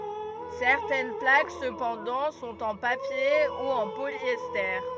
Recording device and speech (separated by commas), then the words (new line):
rigid in-ear microphone, read sentence
Certaines plaques cependant sont en papier ou en polyester.